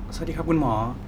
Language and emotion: Thai, neutral